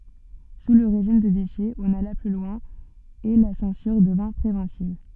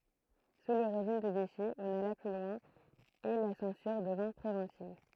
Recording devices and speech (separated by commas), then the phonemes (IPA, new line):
soft in-ear microphone, throat microphone, read sentence
su lə ʁeʒim də viʃi ɔ̃n ala ply lwɛ̃ e la sɑ̃syʁ dəvɛ̃ pʁevɑ̃tiv